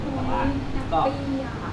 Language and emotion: Thai, happy